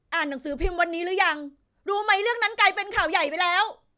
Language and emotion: Thai, angry